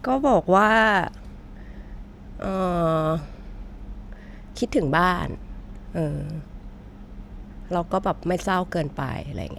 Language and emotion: Thai, frustrated